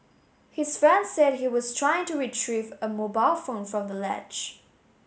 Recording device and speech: mobile phone (Samsung S8), read sentence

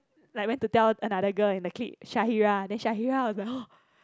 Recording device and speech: close-talking microphone, conversation in the same room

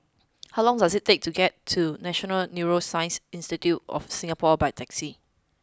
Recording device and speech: close-talking microphone (WH20), read sentence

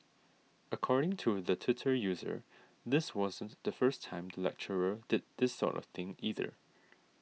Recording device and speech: mobile phone (iPhone 6), read sentence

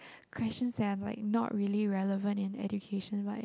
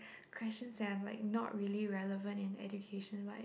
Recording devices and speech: close-talking microphone, boundary microphone, conversation in the same room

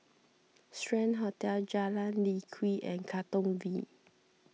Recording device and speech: mobile phone (iPhone 6), read sentence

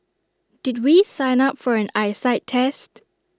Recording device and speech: standing microphone (AKG C214), read sentence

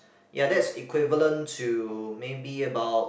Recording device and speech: boundary microphone, conversation in the same room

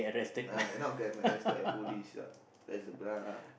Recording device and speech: boundary microphone, conversation in the same room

